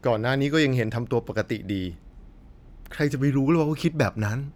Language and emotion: Thai, frustrated